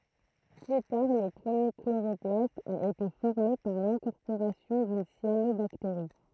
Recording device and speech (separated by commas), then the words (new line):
throat microphone, read sentence
Plus tard, le premier chloroplaste a été formé par l'incorporation d'une cyanobactérie.